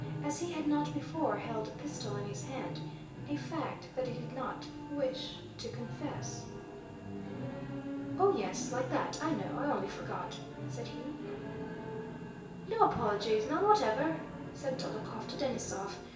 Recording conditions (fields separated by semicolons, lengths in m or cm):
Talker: one person; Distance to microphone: 1.8 m; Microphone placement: close; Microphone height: 1.0 m; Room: large; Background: television